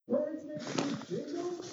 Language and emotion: English, sad